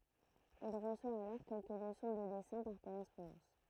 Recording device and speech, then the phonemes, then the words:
throat microphone, read sentence
il ʁəswa alɔʁ kɛlkə ləsɔ̃ də dɛsɛ̃ paʁ koʁɛspɔ̃dɑ̃s
Il reçoit alors quelques leçons de dessins par correspondance.

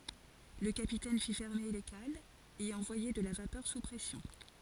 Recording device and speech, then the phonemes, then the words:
forehead accelerometer, read sentence
lə kapitɛn fi fɛʁme le kalz e ɑ̃vwaje də la vapœʁ su pʁɛsjɔ̃
Le capitaine fit fermer les cales et envoyer de la vapeur sous pression.

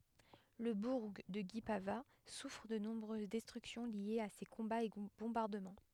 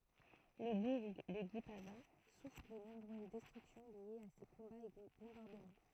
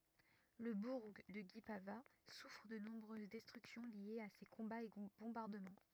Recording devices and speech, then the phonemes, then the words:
headset microphone, throat microphone, rigid in-ear microphone, read sentence
lə buʁ də ɡipava sufʁ də nɔ̃bʁøz dɛstʁyksjɔ̃ ljez a se kɔ̃baz e bɔ̃baʁdəmɑ̃
Le bourg de Guipavas souffre de nombreuses destructions liées à ces combats et bombardements.

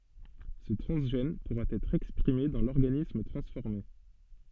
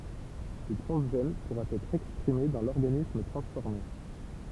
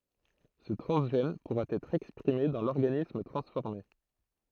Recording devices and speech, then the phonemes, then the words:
soft in-ear microphone, temple vibration pickup, throat microphone, read sentence
sə tʁɑ̃zʒɛn puʁa ɛtʁ ɛkspʁime dɑ̃ lɔʁɡanism tʁɑ̃sfɔʁme
Ce transgène pourra être exprimé dans l'organisme transformé.

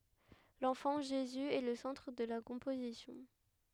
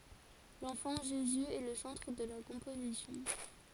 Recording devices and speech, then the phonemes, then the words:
headset microphone, forehead accelerometer, read sentence
lɑ̃fɑ̃ ʒezy ɛ lə sɑ̃tʁ də la kɔ̃pozisjɔ̃
L’enfant Jésus est le centre de la composition.

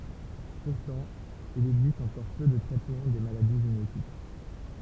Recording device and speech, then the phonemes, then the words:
temple vibration pickup, read sentence
puʁtɑ̃ il ɛɡzist ɑ̃kɔʁ pø də tʁɛtmɑ̃ de maladi ʒenetik
Pourtant, il existe encore peu de traitement des maladies génétiques.

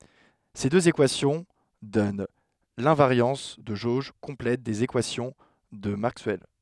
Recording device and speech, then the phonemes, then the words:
headset microphone, read sentence
se døz ekwasjɔ̃ dɔn lɛ̃vaʁjɑ̃s də ʒoʒ kɔ̃plɛt dez ekwasjɔ̃ də makswɛl
Ces deux équations donnent l'invariance de jauge complète des équations de Maxwell.

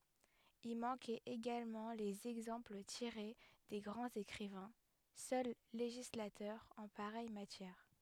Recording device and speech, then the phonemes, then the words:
headset microphone, read sentence
i mɑ̃kɛt eɡalmɑ̃ lez ɛɡzɑ̃pl tiʁe de ɡʁɑ̃z ekʁivɛ̃ sœl leʒislatœʁz ɑ̃ paʁɛj matjɛʁ
Y manquaient également les exemples tirés des grands écrivains, seuls législateurs en pareille matière.

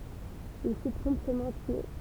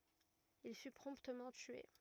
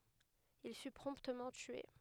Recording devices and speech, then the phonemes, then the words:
temple vibration pickup, rigid in-ear microphone, headset microphone, read sentence
il fy pʁɔ̃ptmɑ̃ tye
Il fut promptement tué.

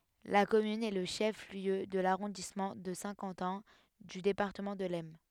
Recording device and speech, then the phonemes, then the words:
headset microphone, read sentence
la kɔmyn ɛ lə ʃɛf ljø də laʁɔ̃dismɑ̃ də sɛ̃ kɑ̃tɛ̃ dy depaʁtəmɑ̃ də lɛsn
La commune est le chef-lieu de l'arrondissement de Saint-Quentin du département de l'Aisne.

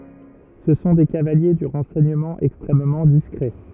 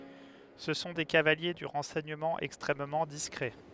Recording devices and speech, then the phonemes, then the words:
rigid in-ear microphone, headset microphone, read sentence
sə sɔ̃ de kavalje dy ʁɑ̃sɛɲəmɑ̃ ɛkstʁɛmmɑ̃ diskʁɛ
Ce sont des cavaliers du renseignement extrêmement discret.

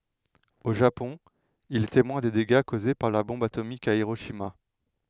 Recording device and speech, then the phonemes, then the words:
headset microphone, read sentence
o ʒapɔ̃ il ɛ temwɛ̃ de deɡa koze paʁ la bɔ̃b atomik a iʁoʃima
Au Japon, il est témoin des dégâts causés par la bombe atomique à Hiroshima.

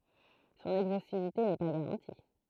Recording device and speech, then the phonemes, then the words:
throat microphone, read sentence
sɔ̃n ɛɡzostivite nɛ pa ɡaʁɑ̃ti
Son exhaustivité n'est pas garantie.

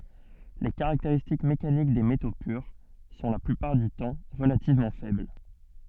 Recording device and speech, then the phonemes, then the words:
soft in-ear microphone, read sentence
le kaʁakteʁistik mekanik de meto pyʁ sɔ̃ la plypaʁ dy tɑ̃ ʁəlativmɑ̃ fɛbl
Les caractéristiques mécaniques des métaux purs sont la plupart du temps relativement faibles.

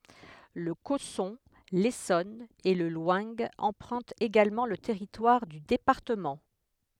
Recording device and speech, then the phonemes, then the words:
headset microphone, read sentence
lə kɔsɔ̃ lesɔn e lə lwɛ̃ ɑ̃pʁœ̃tt eɡalmɑ̃ lə tɛʁitwaʁ dy depaʁtəmɑ̃
Le Cosson, l'Essonne et le Loing empruntent également le territoire du département.

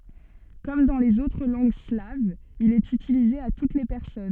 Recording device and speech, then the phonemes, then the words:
soft in-ear microphone, read sentence
kɔm dɑ̃ lez otʁ lɑ̃ɡ slavz il ɛt ytilize a tut le pɛʁsɔn
Comme dans les autres langues slaves, il est utilisé à toutes les personnes.

